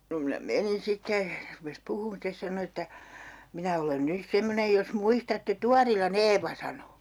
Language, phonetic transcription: Finnish, no minä "menin 'sitte , (se) 'rupes puhuun 'stes sano että » 'minä olen 'nys "semmonej jos 'muistatte 'Tuarila"n ‿Eeva » sano .
- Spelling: no minä menin sitten se rupesi puhumaan sitten sanoi että minä olen nyt semmoinen jos muistatte Tuorilan Eevan sanoi

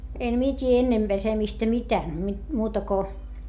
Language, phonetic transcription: Finnish, en mie t́ii ennem Besemistä mitää mi- , muuta ko ,.
- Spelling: en minä tiedä ennen pesemistä mitään - muuta kuin

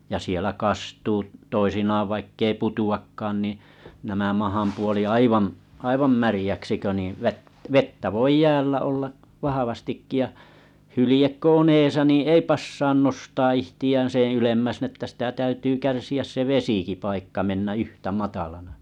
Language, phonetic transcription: Finnish, ja sielä 'kastuu , toisinaav vaikkei 'put₍akkaan niḭ nämä 'mahampuoli "aivam , 'aivam märⁱjäksi kö niḭ , vᵊt- 'vettä voi "jäällä olla , 'vahavastikki ja , 'hylĭjek ko on 'eesä ni "ei passaan 'nostaa 'ihti₍ään seḛ 'ylemmäs ni ‿ᵉttä sitä 'täytyy 'kärsi₍äs se 'vesikipaikka 'mennä "yhtä 'matalana .
- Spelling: ja siellä kastuu toisinaan vaikka ei putoakaan niin nämä mahanpuoli aivan aivan märäksi kun niin - vettä voi jäällä olla vahvastikin ja hylje kun on edessä niin ei passaa nostaa itseään sen ylemmäksi niin että sitä täytyy kärsiä se vesipaikka mennä yhtä matalana

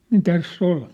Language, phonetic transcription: Finnish, nin "täs's ‿ol .
- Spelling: niin tässä oli

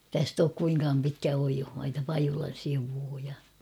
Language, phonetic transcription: Finnish, 'täst ‿ook kuiŋkaam pitkä 'oijohmaita 'Pajulan sivuu ja .
- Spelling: tästä ole kuinkaan pitkä oiosmaita Pajulan sivua ja

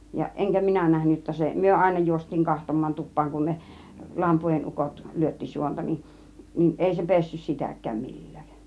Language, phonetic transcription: Finnish, ja , 'ˀeŋkä "minä 'nähny jotta 'se , 'myö "àina 'juost̆tiiŋ 'kah-tom̆maan 'tup̆paaŋ kun 'ne , "lampuojin "ukot 'lyötti 'suonta nin , 'nin 'ˀèi se "pessys 'sitäk̀ääm 'mil̀lÄÄᵏ .
- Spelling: ja enkä minä nähnyt jotta se me aina juostiin katsomaan tupaan kun ne lampuodin ukot lyötti suonta niin niin ei se pessyt sitäkään millään

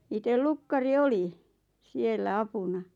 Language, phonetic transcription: Finnish, itel "lukkari "oli , 'siellä "apuna .
- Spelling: itse lukkari oli siellä apuna

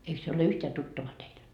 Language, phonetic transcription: Finnish, 'eik se ole 'yhteä 'tuttava teil ?
- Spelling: eikö se ole yhtään tuttava teille

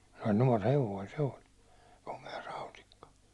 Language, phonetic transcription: Finnish, se oĺ nuår 'hev̀oi se oĺ , 'kome₍a 'rautikka .
- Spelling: se oli nuori hevonen se oli komea rautikka

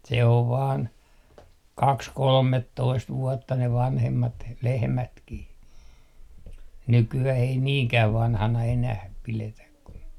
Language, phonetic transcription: Finnish, se ov vaan , "kaks 'kolmettoist 'vuɔtta ne 'vanhemmat , "lehmätkih 'nyky₍äh ‿ei "niiŋkäv 'vanhana enäh , 'piletäk ku ,.
- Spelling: se on vain kaksi kolmetoista vuotta ne vanhemmat lehmätkin nykyään ei niinkään vanhana enää pidetä kun

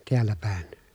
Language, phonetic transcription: Finnish, tiällä pä̀en .
- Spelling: täällä päin

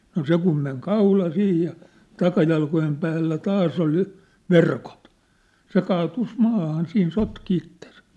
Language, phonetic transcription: Finnish, no "se kum meŋ 'kaula 'sih ja , 'takajalkojem päällä "taas ‿ol jŏ , "verkot , 'se kaatus 'maahan 'siin 'sotki ittesᴀ̈ .
- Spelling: no se kun meni kaula siihen ja takajalkojen päällä taas oli jo verkot se kaatui maahan siinä sotki itsensä

